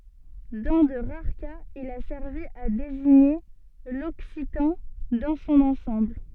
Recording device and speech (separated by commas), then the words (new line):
soft in-ear microphone, read sentence
Dans de rares cas, il a servi à désigner l'occitan dans son ensemble.